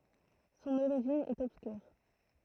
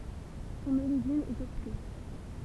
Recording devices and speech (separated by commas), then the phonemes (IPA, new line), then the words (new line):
throat microphone, temple vibration pickup, read sentence
sɔ̃n oʁiʒin ɛt ɔbskyʁ
Son origine est obscure.